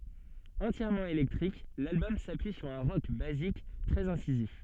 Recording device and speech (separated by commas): soft in-ear microphone, read sentence